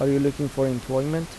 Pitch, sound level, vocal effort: 140 Hz, 82 dB SPL, soft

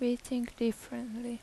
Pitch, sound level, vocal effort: 240 Hz, 80 dB SPL, soft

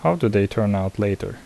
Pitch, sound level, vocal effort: 100 Hz, 77 dB SPL, soft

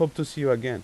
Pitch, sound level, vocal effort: 145 Hz, 87 dB SPL, normal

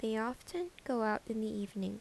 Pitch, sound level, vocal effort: 220 Hz, 78 dB SPL, soft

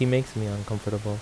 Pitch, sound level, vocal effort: 105 Hz, 79 dB SPL, normal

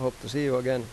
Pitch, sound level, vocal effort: 130 Hz, 88 dB SPL, normal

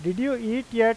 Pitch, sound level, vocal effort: 230 Hz, 92 dB SPL, loud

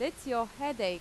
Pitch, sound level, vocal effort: 250 Hz, 89 dB SPL, very loud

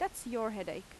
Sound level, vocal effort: 86 dB SPL, loud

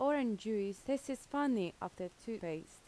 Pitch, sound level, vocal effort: 220 Hz, 83 dB SPL, normal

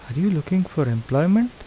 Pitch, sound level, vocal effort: 170 Hz, 79 dB SPL, soft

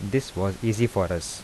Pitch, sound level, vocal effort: 100 Hz, 80 dB SPL, soft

